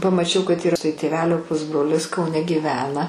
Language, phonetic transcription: Lithuanian, pamaˈčiau kad ˈyra tai tėˈvelio ˈpusbrolis kauˈne gyˈvena

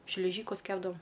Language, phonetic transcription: Lithuanian, šliˈžykus ˈkepdavom

